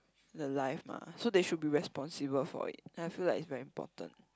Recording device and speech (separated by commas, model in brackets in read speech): close-talking microphone, conversation in the same room